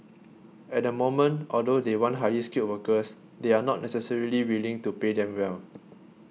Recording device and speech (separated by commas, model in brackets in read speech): mobile phone (iPhone 6), read sentence